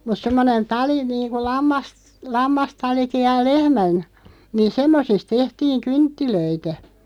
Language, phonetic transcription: Finnish, mut 'semmonen "tali niiŋku 'lammas- , 'lammastaliki ja "lehmän , niin "semmosisᵗ 'tehtiiŋ "kynttilöitä .
- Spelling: mutta semmoinen tali niin kuin - lammastalikin ja lehmän niin semmoisista tehtiin kynttilöitä

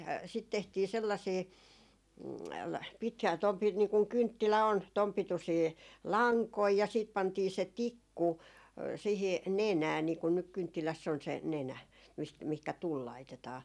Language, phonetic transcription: Finnish, sit tehtii 'sellasii , pit- , tom pi- , nii kuŋ 'kynttilä 'on , 'tom 'pitusii , "laŋkoi ja siit 'pantii se "tikku , siihi , "nenää niikun nyk 'kynttiläss ‿on se , "nenä , mist- mihkä "tul 'laitetaa .
- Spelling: sitten tehtiin sellaisia - tuon - niin kuin kynttilä on tuon pituisia lankoja ja sitten pantiin se tikku siihen nenään niin kun nyt kynttilässä on se nenä mistä mihinkä tuli laitetaan

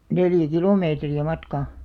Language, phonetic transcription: Finnish, 'neljä "kilomeetri₍ä 'matkà .
- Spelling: neljä kilometriä matkaa

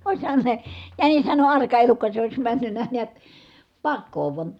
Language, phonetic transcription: Finnish, òishan se , jänishän on arka elukka se ois männynnä niät , pakkoo vuan̬ ,.
- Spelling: olisihan se jänishän on arka elukka se olisi mennyt näet pakoon vain

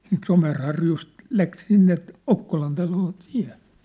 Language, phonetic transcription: Finnish, siint 'Somerharjust , 'läk 'sinne , "Okkolan taloo 'tiä̭ .
- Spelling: siitä Somerharjusta lähti sinne Okkolan taloon tie

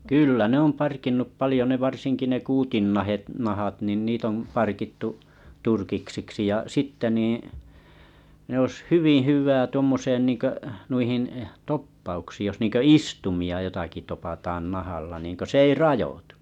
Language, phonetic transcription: Finnish, 'kyllä ne ‿om 'parkinnup 'palⁱjo ne 'varsiŋki ne 'kuutinnahe̳t , -nahat nin 'niit ‿om 'parkittu , 'turkiksiksi ja 'sitte niiḭ , ne ‿os "hyviḭ 'hyyv̆vää tᵘommoosen niiŋkö’ , 'nuihin’ , 'toppauksiij jos nìŋkö "istumi₍a jotaki 'topataaan 'nahalla niŋkö 's ‿ei "rajotᴜ .
- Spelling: kyllä ne on parkinnut paljon ne varsinkin ne kuutinnahat nahat niin niitä on parkittu turkiksiksi ja sitten niin ne olisi hyvin hyvää tuommoiseen niin kuin noihin toppauksiin jos niin kuin istuimia jotakin topataan nahalla niin kuin se ei rajoitu

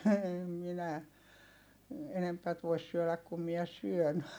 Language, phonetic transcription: Finnish, em minä , enempät vois syöläk kum miɛ syön . »
- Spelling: en minä enempää voi syödä kuin minä syön

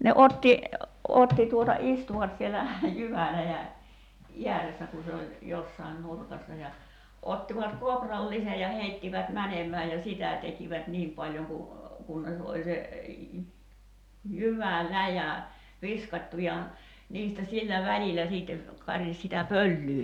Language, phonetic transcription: Finnish, ne 'otti , 'otti tuota 'istuvat sielä , 'jyväläjä , "iäressä ku se oĺ , 'jossain "nurkassa ja , ottivat 'kooprallise ja 'heittivät 'mänemää ja "sitä 'tekivät "niim paĺjoŋ ku , 'kunnes oĺ se , "jyvä"läjä , 'viskat́tu ja , 'niistä 'sillä "välilä siitte , 'karis sitä "pöllyy .
- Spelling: ne otti otti tuota istuivat siellä jyväläjän ääressä kun se oli jossakin nurkassa ja ottivat kourallisen ja heittivät menemään ja sitä tekivät niin paljon kun kunnes oli se jyväläjä viskattu ja niistä sillä välillä sitten karisi sitä pölyä

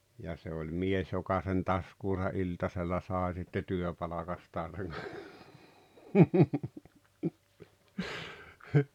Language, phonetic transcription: Finnish, ja se oĺ "mies joka sen "taskuusa '’iltasella 'sàe sitte 'työpalakastaan̬ seŋ - - .
- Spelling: ja se oli mies joka sen taskuunsa iltasella sai sitten työpalkastaan sen

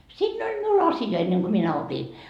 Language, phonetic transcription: Finnish, 'siinn ‿oĺ 'miul "asja enneŋ Go 'minä 'opi .
- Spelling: siinä oli minulla asia ennen kuin minä opin

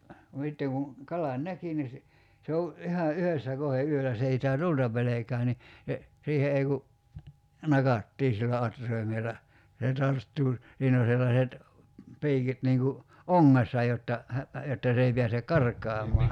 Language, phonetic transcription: Finnish, (no sitteŋ) ku , 'kalan "näki ni si , 'se o , '’iha "yhössä 'kohe 'yölä s ‿ei sitä "tulta pelekää ni , se , 'siihe ei ku , 'nakattii sillä 'atr̀aimel̆la , (ja) se 'tarttuu , 'siin ‿o sellaset , 'pi̬ikit niiŋ ku , "oŋŋessa jotta , hä- , jotta 's ‿ei piäse "’kark̀aamɔa .
- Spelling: no sitten kun kalan näki niin - se on ihan yhdessä kohden yöllä se ei sitä tulta pelkää niin se siihen ei kun nakattiin sillä atraimella ja se tarttuu siinä on sellaiset piikit niin kuin ongessa jotta - jotta se ei pääse karkaamaan

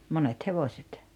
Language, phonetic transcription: Finnish, 'monet 'hevoset .
- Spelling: monet hevoset

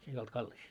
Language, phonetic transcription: Finnish, 'se ei olt 'kallis .
- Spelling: se ei ollut kallis

